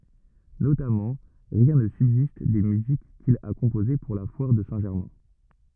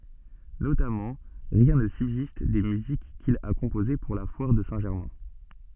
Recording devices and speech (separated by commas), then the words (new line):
rigid in-ear microphone, soft in-ear microphone, read sentence
Notamment, rien ne subsiste des musiques qu'il a composées pour la foire de Saint-Germain.